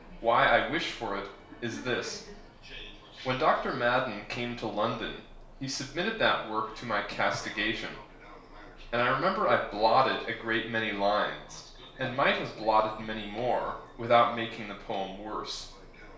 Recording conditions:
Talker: one person; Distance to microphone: 1.0 m; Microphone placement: close; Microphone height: 1.1 m; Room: small (3.7 m by 2.7 m); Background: television

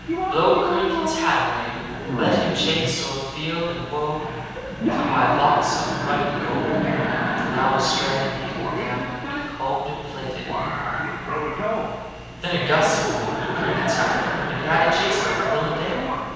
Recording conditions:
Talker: one person; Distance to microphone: 7.1 m; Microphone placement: far; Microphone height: 1.7 m; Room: very reverberant, large; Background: television

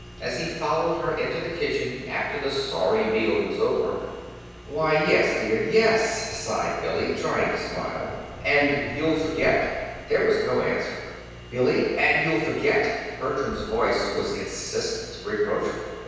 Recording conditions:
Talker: one person; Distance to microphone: 7.1 m; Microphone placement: far; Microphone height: 1.7 m; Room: very reverberant, large; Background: none

